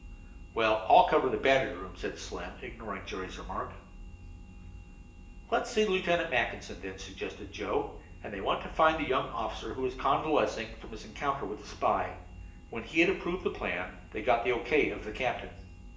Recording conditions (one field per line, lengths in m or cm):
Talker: one person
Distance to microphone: 1.8 m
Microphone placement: close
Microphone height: 1.0 m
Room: large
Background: none